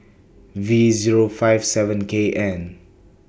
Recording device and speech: boundary microphone (BM630), read sentence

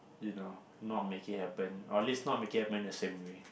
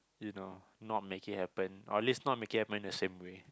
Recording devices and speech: boundary microphone, close-talking microphone, conversation in the same room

